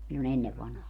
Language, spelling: Finnish, silloin ennen vanhaan
- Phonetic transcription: sillo'n ‿ennev vanhaa .

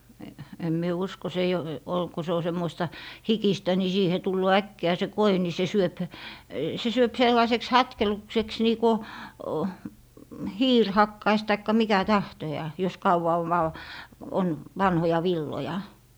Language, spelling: Finnish, en minä usko se ei - ole kun se on semmoista hikistä niin siihen tulee äkkiä se koi niin se syö se syö sellaiseksi hatkelukseksi niin kun hiiri hakkaisi tai mikä tahtojaan jos kauan on - on vanhoja villoja
- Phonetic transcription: em mie 'usko se eij ‿o- , ol - ku se o 'semmoista , "hikistä ni siihe 'tulloo "äkki₍ä̀ se "koi ni se 'syöp , se syöp 'sellaⁱseks "hatkelukseks nii ku , "hiir 'hakkais taikka 'mikä "tahtojaa , jos 'kauwa ov vaw- , on , 'vanhoja "villoja .

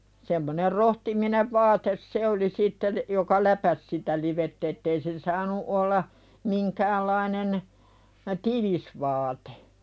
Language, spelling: Finnish, semmoinen rohtiminen vaate se oli sitten joka läpäisi sitä livettä että ei se saanut olla minkäänlainen tiivis vaate
- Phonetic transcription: semmoner rohtiminev 'vaates "se oli sittel , joka "läpäs sitä 'livett ‿ettei se saanu 'olla , 'miŋkäällainen , "tivis vaatᴇ .

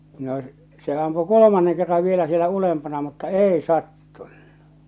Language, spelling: Finnish, no se ampui kolmannen kerran vielä siellä ylempänä mutta ei sattunut
- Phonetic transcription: no , se ampu "kolomanneŋ 'kerrav vielä sielä 'ulempana mutta "èi "sattuɴɴᴜ .

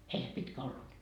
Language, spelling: Finnish, ei se pitkä ollut
- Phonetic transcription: 'ei se 'pitkä ollut .

